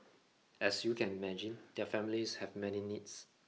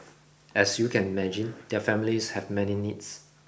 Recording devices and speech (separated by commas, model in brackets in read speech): mobile phone (iPhone 6), boundary microphone (BM630), read sentence